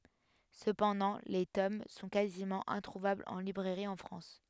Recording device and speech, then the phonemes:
headset microphone, read sentence
səpɑ̃dɑ̃ le tom sɔ̃ kazimɑ̃ ɛ̃tʁuvablz ɑ̃ libʁɛʁi ɑ̃ fʁɑ̃s

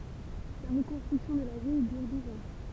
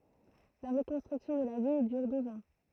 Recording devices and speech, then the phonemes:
temple vibration pickup, throat microphone, read sentence
la ʁəkɔ̃stʁyksjɔ̃ də la vil dyʁ duz ɑ̃

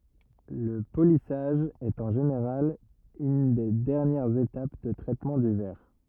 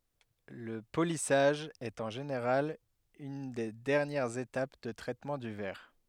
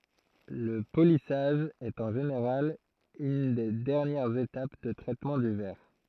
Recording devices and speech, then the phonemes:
rigid in-ear microphone, headset microphone, throat microphone, read sentence
lə polisaʒ ɛt ɑ̃ ʒeneʁal yn de dɛʁnjɛʁz etap də tʁɛtmɑ̃ dy vɛʁ

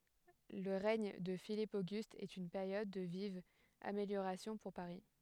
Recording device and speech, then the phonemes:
headset microphone, read sentence
lə ʁɛɲ də filip oɡyst ɛt yn peʁjɔd də vivz ameljoʁasjɔ̃ puʁ paʁi

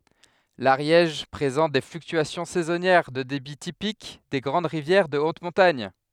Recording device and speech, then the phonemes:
headset microphone, read sentence
laʁjɛʒ pʁezɑ̃t de flyktyasjɔ̃ sɛzɔnjɛʁ də debi tipik de ɡʁɑ̃d ʁivjɛʁ də ot mɔ̃taɲ

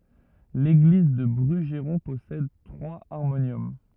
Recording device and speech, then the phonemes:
rigid in-ear microphone, read sentence
leɡliz dy bʁyʒʁɔ̃ pɔsɛd tʁwaz aʁmonjɔm

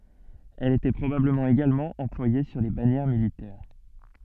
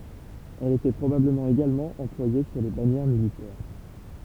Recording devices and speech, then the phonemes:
soft in-ear microphone, temple vibration pickup, read sentence
ɛl etɛ pʁobabləmɑ̃ eɡalmɑ̃ ɑ̃plwaje syʁ le banjɛʁ militɛʁ

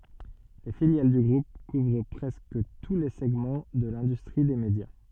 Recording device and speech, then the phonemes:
soft in-ear microphone, read sentence
le filjal dy ɡʁup kuvʁ pʁɛskə tu le sɛɡmɑ̃ də lɛ̃dystʁi de medja

